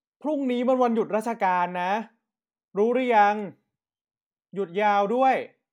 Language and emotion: Thai, frustrated